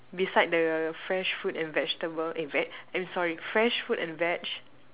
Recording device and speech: telephone, conversation in separate rooms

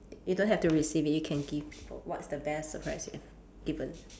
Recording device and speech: standing microphone, conversation in separate rooms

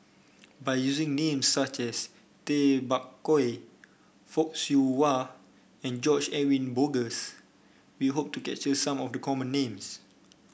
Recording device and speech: boundary microphone (BM630), read sentence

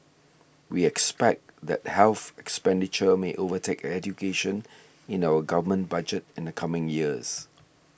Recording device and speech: boundary microphone (BM630), read sentence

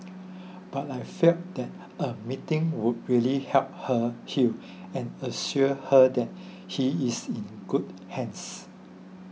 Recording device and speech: mobile phone (iPhone 6), read sentence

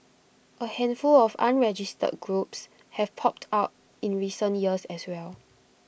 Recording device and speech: boundary microphone (BM630), read sentence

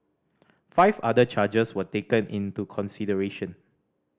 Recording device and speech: standing microphone (AKG C214), read sentence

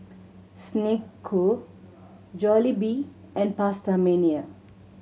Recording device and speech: mobile phone (Samsung C7100), read sentence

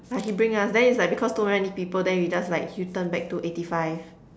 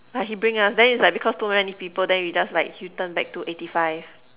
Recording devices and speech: standing microphone, telephone, conversation in separate rooms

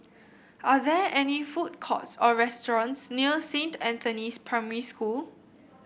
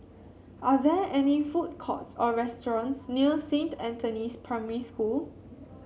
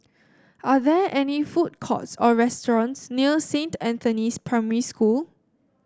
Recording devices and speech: boundary microphone (BM630), mobile phone (Samsung C7), standing microphone (AKG C214), read sentence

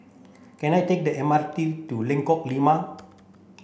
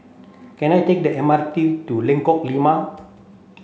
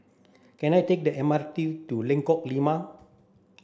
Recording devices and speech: boundary microphone (BM630), mobile phone (Samsung C7), standing microphone (AKG C214), read sentence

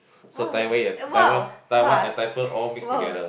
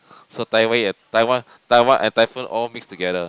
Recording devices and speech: boundary microphone, close-talking microphone, conversation in the same room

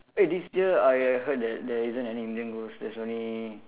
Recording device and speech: telephone, conversation in separate rooms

